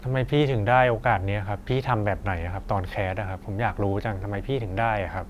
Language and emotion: Thai, frustrated